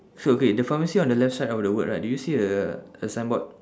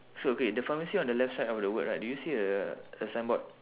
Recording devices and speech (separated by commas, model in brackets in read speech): standing microphone, telephone, conversation in separate rooms